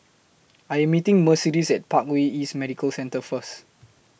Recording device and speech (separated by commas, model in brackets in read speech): boundary microphone (BM630), read sentence